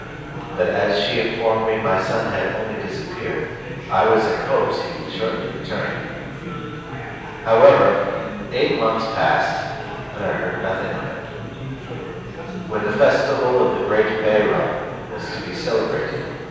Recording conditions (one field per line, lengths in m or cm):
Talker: one person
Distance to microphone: 7.1 m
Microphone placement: far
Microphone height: 1.7 m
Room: very reverberant, large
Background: babble